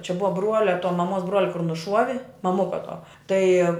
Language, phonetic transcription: Lithuanian, čia ˈbuva ˈbruolia to maˈmuos ˈbruolia kur nuˈšuovi maˈmuka tuo ˈtai

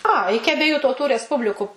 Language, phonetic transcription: Lithuanian, a ˈiki abieˈjų tauˈtų resˈpubliku

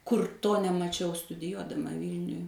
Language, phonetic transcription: Lithuanian, ˈkur ˈto nemaˈčiau studiˈjuodama ˈvylniuj

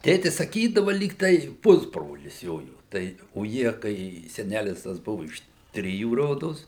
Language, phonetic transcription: Lithuanian, ˈtėtis saˈkydava ˈlyg tai ˈpusbrolis ˈjojo ˈtai o ˈjie kai seˈnælis tas ˈbuvu iš ˈtrijų ˈrodos

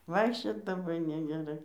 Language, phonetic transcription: Lithuanian, ˈvaikščiot laˈbai negeˈrai

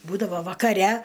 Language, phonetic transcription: Lithuanian, ˈbūdavo vakaˈre

